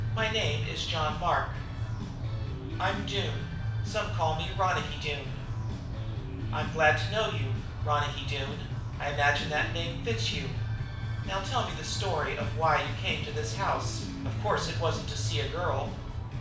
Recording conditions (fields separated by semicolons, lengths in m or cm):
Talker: one person; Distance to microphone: 5.8 m; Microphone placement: far; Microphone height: 1.8 m; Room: medium-sized (5.7 m by 4.0 m); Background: music